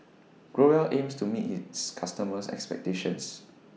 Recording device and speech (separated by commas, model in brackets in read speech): mobile phone (iPhone 6), read sentence